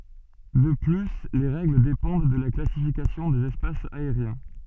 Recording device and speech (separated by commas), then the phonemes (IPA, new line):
soft in-ear microphone, read sentence
də ply le ʁɛɡl depɑ̃d də la klasifikasjɔ̃ dez ɛspasz aeʁjɛ̃